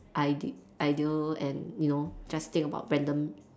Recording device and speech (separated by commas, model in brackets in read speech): standing microphone, conversation in separate rooms